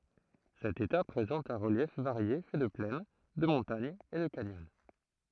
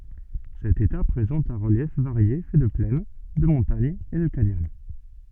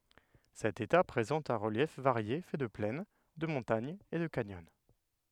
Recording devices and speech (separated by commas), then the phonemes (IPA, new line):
throat microphone, soft in-ear microphone, headset microphone, read sentence
sɛt eta pʁezɑ̃t œ̃ ʁəljɛf vaʁje fɛ də plɛn də mɔ̃taɲz e də kanjɔn